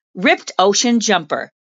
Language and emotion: English, sad